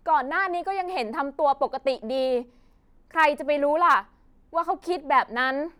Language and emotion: Thai, frustrated